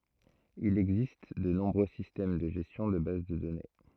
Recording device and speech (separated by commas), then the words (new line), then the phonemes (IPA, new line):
throat microphone, read sentence
Il existe de nombreux systèmes de gestion de base de données.
il ɛɡzist də nɔ̃bʁø sistɛm də ʒɛstjɔ̃ də baz də dɔne